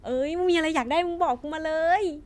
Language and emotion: Thai, happy